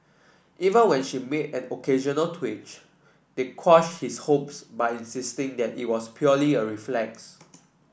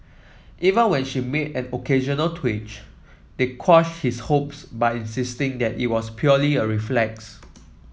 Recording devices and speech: boundary microphone (BM630), mobile phone (iPhone 7), read sentence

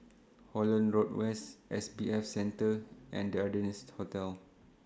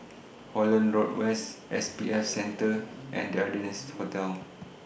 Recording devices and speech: standing microphone (AKG C214), boundary microphone (BM630), read sentence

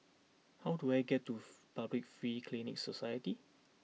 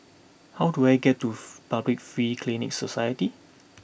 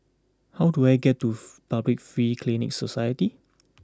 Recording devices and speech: mobile phone (iPhone 6), boundary microphone (BM630), close-talking microphone (WH20), read sentence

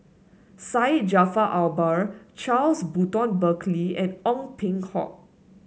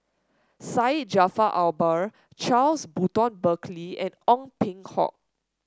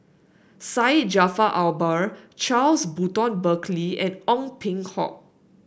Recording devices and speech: mobile phone (Samsung S8), standing microphone (AKG C214), boundary microphone (BM630), read sentence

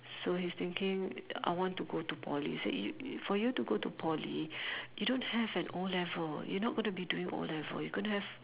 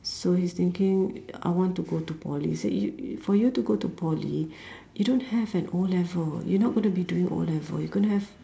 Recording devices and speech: telephone, standing microphone, conversation in separate rooms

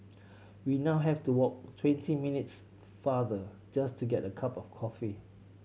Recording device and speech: mobile phone (Samsung C7100), read sentence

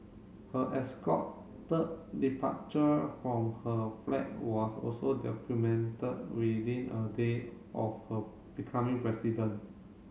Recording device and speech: mobile phone (Samsung C7), read sentence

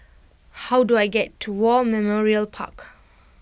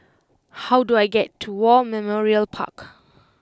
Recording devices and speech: boundary microphone (BM630), close-talking microphone (WH20), read sentence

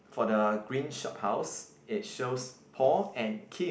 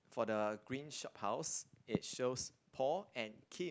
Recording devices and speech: boundary microphone, close-talking microphone, conversation in the same room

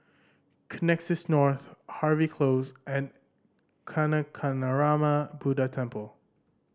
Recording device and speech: standing microphone (AKG C214), read sentence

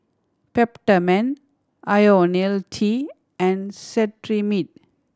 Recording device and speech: standing microphone (AKG C214), read sentence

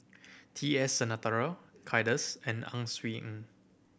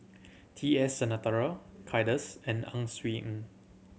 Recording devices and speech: boundary microphone (BM630), mobile phone (Samsung C7100), read sentence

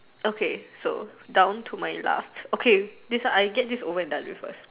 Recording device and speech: telephone, conversation in separate rooms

